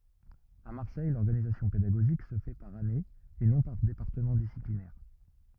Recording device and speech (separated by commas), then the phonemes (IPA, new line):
rigid in-ear microphone, read sentence
a maʁsɛj lɔʁɡanizasjɔ̃ pedaɡoʒik sə fɛ paʁ ane e nɔ̃ paʁ depaʁtəmɑ̃ disiplinɛʁ